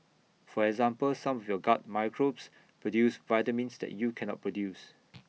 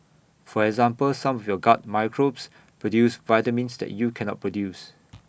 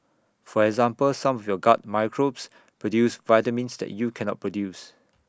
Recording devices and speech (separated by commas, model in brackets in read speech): mobile phone (iPhone 6), boundary microphone (BM630), standing microphone (AKG C214), read sentence